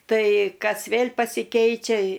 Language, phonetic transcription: Lithuanian, ˈtai ˈkas ˈvėl' pasiˈkeičia

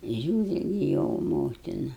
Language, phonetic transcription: Lithuanian, ˈžiūri gi ˈjo ˈmotina

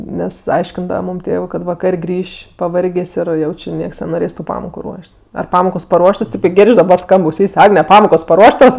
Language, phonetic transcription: Lithuanian, ˈnes ˈaiškindava ˈmūm ˈtėvɜ kad vaˈkar' ˈgrįš' paˈvargės' ˈir ˈjau ˈči ˈnieks nenoˈrės tu ˈpamoku ˈruoš't' ar ˈpamokos paˈruoštos ˈtėp i ˈgėrdž' daˈba ˈskamb auˈsys' ˈagne ˈpamokos paˈruoštos

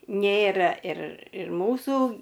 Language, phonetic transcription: Lithuanian, ˈnėra ir ir ˈmūsų

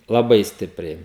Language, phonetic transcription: Lithuanian, laˈbai ˈstipriai

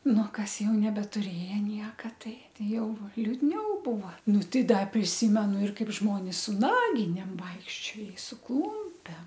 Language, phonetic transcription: Lithuanian, ˈnu ˈkas ˈjau nebetuˈrėja ˈnieka ˈtai ˈtai ˈjau liudˈniau ˈbūva ˈnu ˈtai ˈda priˈsymenu ir kaip ˈžmonis su ˈnaginėm ˈvaikščio i su ˈklūmpem

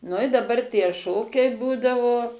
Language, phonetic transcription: Lithuanian, nu i daˈbar tie ˈšokiai ˈbūdavo

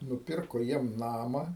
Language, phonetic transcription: Lithuanian, nuˈpirko ˈjiem ˈnama

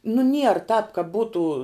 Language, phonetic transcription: Lithuanian, nu nier tāp ka ˈbūtų

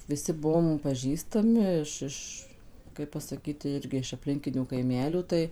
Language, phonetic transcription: Lithuanian, ˈviˈsi ˈbuom paˈžįstami iš ˈiš ˈkaip pasaˈkyt ti ˈirgi iš apˈlinkinių kaiˈmelių ˈtai

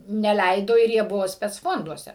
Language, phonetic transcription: Lithuanian, neˈleido ir ˈjie ˈbuvo specˈfonduose

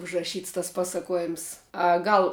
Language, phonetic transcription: Lithuanian, užraˈšyts tas ˈpasakuoˌjims a ˈgal

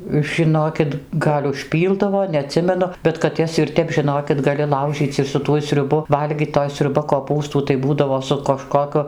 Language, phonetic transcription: Lithuanian, žiˈnokit ˈgal' užˈpyldavo neaˈtsimenu bet kad ˈjas ir ˈtep žiˈnokit gaˈli ˈlaužyc' ir su ˈtuoj sriuˈbu ˈvalgyt toj sriuˈba koˈpūstų tai ˈbūdavo su kažkoˈku

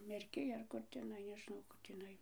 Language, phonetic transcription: Lithuanian, merˈkij ar ˈkur teˈnai nežiˈnau ˈkur tįˈnai

